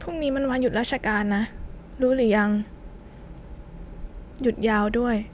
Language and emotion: Thai, sad